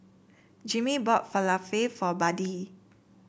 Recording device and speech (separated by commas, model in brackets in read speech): boundary microphone (BM630), read sentence